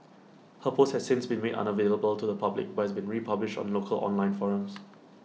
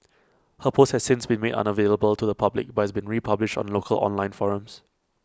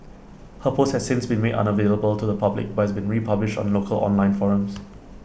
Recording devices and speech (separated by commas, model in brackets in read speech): mobile phone (iPhone 6), close-talking microphone (WH20), boundary microphone (BM630), read sentence